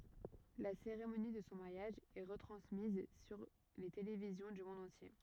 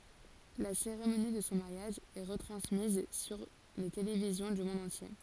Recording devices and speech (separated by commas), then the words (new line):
rigid in-ear microphone, forehead accelerometer, read sentence
La cérémonie de son mariage est retransmise sur les télévisions du monde entier.